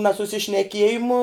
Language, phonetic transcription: Lithuanian, nasusišneˈkiejimu

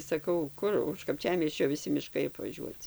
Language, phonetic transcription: Lithuanian, saˈkau ˈkur už kapˈčiamiesčio viˈsi miˈškai apvaˈžiuoci

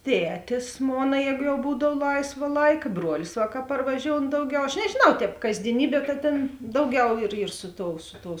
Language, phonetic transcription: Lithuanian, ˈtetis ˈmona ˈjēgu jau ˈbūdav ˈlaisva ˈlaika ˈbruolis va ka parvaˈžioun ˈdauˌgiau aš nežėˈnau ˈtēp kasdieˈnybie ˈta tėn ˈdauˌgiau ir ir ˈsu ˌtou ˈsu ˌtou

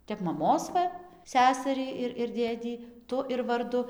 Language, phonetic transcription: Lithuanian, ˈtep maˈmos ˈva ˈsesarį ir ir ˈdėdį ˈtu ir varˈdu

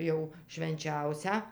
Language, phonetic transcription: Lithuanian, ˈjau švenˈčiausią

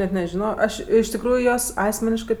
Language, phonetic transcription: Lithuanian, net nežiˈnojo ˈaš iš tikˈrųju ˈjuos ˈasmeniškɜ

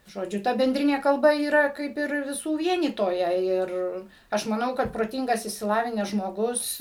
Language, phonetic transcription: Lithuanian, žoˈdžiu ˈta benˈdrinė kalˈba yˈra ˈkaip ir viˈsų ˈvienytoja ˈir ˈaš maˈnau kad proˈtingas išsiˈlavinęs žmoˈgus

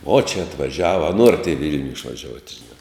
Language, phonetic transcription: Lithuanian, o čia atvaˈžiava a ˈnuorat i ˈvil'niu išvaˈžiuot' žiˈnā

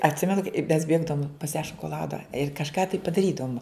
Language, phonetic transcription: Lithuanian, atˈsimenu kai i mes ˈbėgdavom pas ją šokoˈlada ir kažˈką tai padaˈrydavum

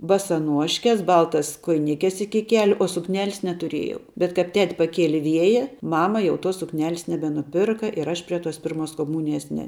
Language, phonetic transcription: Lithuanian, basaˈnuoškes ˈbaltas kojiˈnikes ˈiki ˈkeliu o sukˈnelis netuˈrėjau bet kap ˈtet' paˈkieli ˈvieja ˈmama ˈjau tos sukˈnelis nebenuˈpirka ir ˈaš prie tos ˈpirmos koˈmūnijas ne

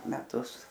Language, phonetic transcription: Lithuanian, meˈtus

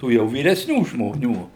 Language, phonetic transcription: Lithuanian, ˈtų jau vyresˈnių žmoˈnių

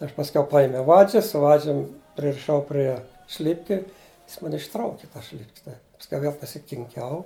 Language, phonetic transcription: Lithuanian, ˈaš pasˈkiau ˈpajimiau ˈvadžis su ˈvadžium pririˈšau prie ˈšlipki ˈjis ˈman' išˈtrauki ˈtas šlip'k's' tai pasˈkiau ˈviel pasikinˈkiau

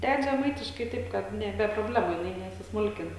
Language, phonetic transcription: Lithuanian, ˈded žeˈmaitiškai ˈtaip ˈkad ˈne be proˈblemu jiˈnai nesisˈmulkin

